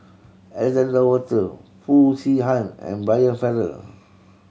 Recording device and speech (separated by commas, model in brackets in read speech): mobile phone (Samsung C7100), read sentence